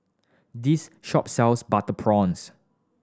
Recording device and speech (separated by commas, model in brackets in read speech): standing microphone (AKG C214), read sentence